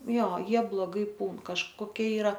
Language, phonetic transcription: Lithuanian, ˈjo ˈjie bloˈgai ˈpūn kažkoˈkie iˈra

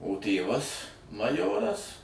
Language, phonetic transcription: Lithuanian, o ˈtėvas maˈjoras

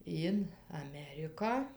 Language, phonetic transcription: Lithuanian, in aˈmeriką

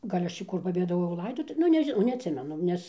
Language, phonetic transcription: Lithuanian, ˈgal' ˈaš čia ˈkur pabėdaˈvojau ˈlaidotu ˈnu nežiˈnau neatˈsimenu ˈnes

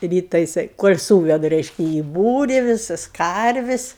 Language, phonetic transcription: Lithuanian, ˈryta jiˈsai ˈkol' sūveda ˈreiškia į ˈbūri ˈvisas ˈkarvis'

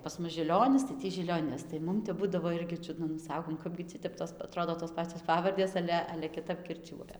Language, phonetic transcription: Lithuanian, pas ˈmus žiˈlionis tai ˈtį žilioˈnis tai ˈmum tep ˈbudavo ˈirgi ˈčiudna nu ˈsakom ˈkapgi ˈti tep tos aˈtrodo tos ˈpacios ˈpavardės ˈale ale kiˈtap kirˈčiuoja

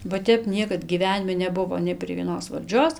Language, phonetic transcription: Lithuanian, ba ˈtep ˈniekad gyˈvenimi neˈbuvo nei prie vieˈnos valˈdžios

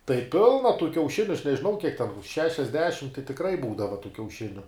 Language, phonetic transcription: Lithuanian, tai ˈpilna tų kiauˈšiniu aš nežiˈnau kiek ten šešiasˈdešim tai tikˈrai ˈbūdava tų kiauˈšiniu

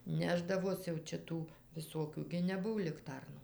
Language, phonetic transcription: Lithuanian, ˈnešdavos jau ˈčia ˈtų viˈsokių gi neˈbuv likˈtarnų

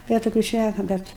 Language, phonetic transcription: Lithuanian, ˈbet toˈkių ˈšnæka ˈbet

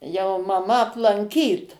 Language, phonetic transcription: Lithuanian, jau maˈma aplanˈkyt

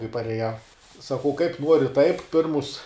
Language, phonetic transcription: Lithuanian, kai pareˈjau saˈkau kaip ˈnori taip ˈpirmus

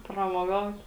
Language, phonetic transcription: Lithuanian, pramoˈgaut

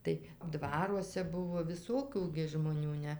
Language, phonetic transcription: Lithuanian, tai ˈdvaruose ˈbuvo viˈsokių žmoˈnių ˈne

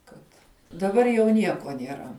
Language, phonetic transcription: Lithuanian, ˈkad daˈbar jau ˈnieko nieˈra

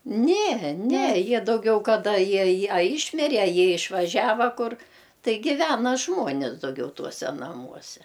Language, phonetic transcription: Lithuanian, ne ne ˈjie dauˈgiau kaˈda ˈjie ˈjie a ˈyšmire a ˈjie išvaˈžiava ˈkur ˈtai ˈgivena ˈžmuonis dauˈgiau ˈtuose naˈmuose

